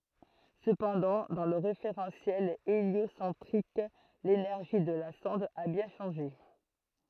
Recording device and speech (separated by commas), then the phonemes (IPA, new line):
throat microphone, read sentence
səpɑ̃dɑ̃ dɑ̃ lə ʁefeʁɑ̃sjɛl eljosɑ̃tʁik lenɛʁʒi də la sɔ̃d a bjɛ̃ ʃɑ̃ʒe